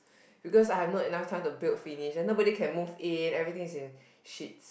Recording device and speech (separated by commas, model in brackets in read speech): boundary microphone, conversation in the same room